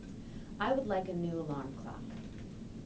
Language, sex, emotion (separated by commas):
English, female, neutral